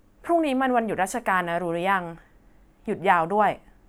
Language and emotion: Thai, neutral